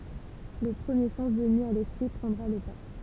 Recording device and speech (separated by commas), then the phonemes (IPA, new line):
temple vibration pickup, read sentence
lə pʁəmje sɑ̃s vəny a lɛspʁi pʁɑ̃dʁa lə pa